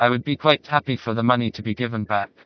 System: TTS, vocoder